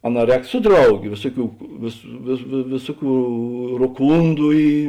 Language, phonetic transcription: Lithuanian, aˈnā ˈrēk ˈsu ˈdrauˌgė ˈvėsuˌkių vės vė vė ˈvėsuˌkių roˈkūndu ˈy

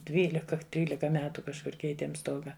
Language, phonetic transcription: Lithuanian, ˈdvylika ˈtrylika ˈmetu kažˈkur ˈkeitėm ˈstoga

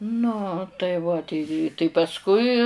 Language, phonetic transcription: Lithuanian, nu tai ˈva tei tai pasˈkui

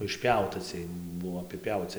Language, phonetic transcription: Lithuanian, išˈpiauta ciej ˈbuvo apiˈpiauci

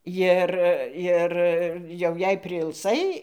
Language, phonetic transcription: Lithuanian, ˈjir ˈir jau jei priilˈsai

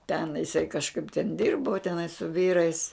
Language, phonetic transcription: Lithuanian, ten jiˈsai kažˈkaip ten ˈdirbu teˈnai su ˈvyrais

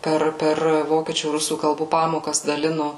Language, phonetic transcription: Lithuanian, ˈper ˈper ˈvokiečių ˈrusų kalˈbų ˈpamokas daˈlinu

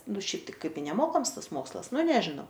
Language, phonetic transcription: Lithuanian, ˈnu ˈšiaip tai ˈkaip i neˈmokams ˈtas ˈmokslas ˈnu ˈnežinau

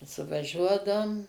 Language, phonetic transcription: Lithuanian, suvaˈžiuodaum

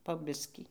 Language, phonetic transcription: Lithuanian, po ˈbiskį

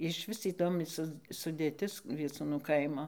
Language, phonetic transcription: Lithuanian, išˈvis įˈdomi ˈsu sudėˈtis vieˈcūnu ˈkaimo

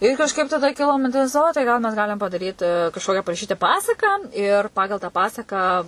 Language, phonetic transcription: Lithuanian, ir kažˈkaip taˈda ˈkilo minˈtis ˈo tai ˈgal mes ˈgalim padaˈryti kažˈkokia paraˈšyti ˈpasaką ir ˈpagal tą ˈpasaką

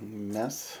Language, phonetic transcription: Lithuanian, ˈmes

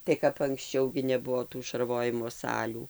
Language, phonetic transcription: Lithuanian, tai kap anksˈčiau gi neˈbuvo tų šarˈvojimo ˈsalių

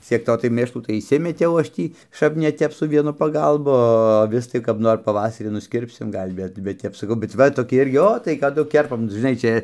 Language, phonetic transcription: Lithuanian, ciek ˈto tai ˈmėšlų tai išˈsimetiau ˈaš ˈtį ˈšap ne ˈtep su ˈvienu paˈgalbu o aˈvis tai kap ˈnor paˈvasarį nusˈkirpsim ˈgal' ˈbet bet ˈtep saˈkau bet ˈva toˈki ˈirgi ˈo tai kaˈdu ˈkerpam žiˈnai ˈčia

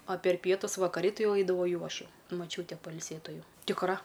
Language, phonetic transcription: Lithuanian, a per ˈpietus vakaˈri ˈti ˈjau eidaˈvau ˈjau ˈaš ˈjau maˈčiūte pailˈsėtu ˈjau tikˈra

